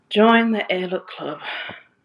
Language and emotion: English, disgusted